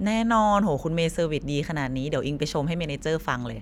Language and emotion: Thai, happy